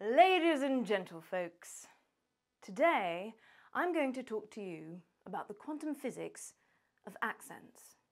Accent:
RP English accent